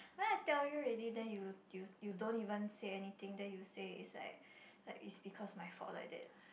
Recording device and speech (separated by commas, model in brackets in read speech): boundary microphone, conversation in the same room